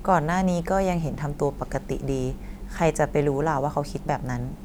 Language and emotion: Thai, neutral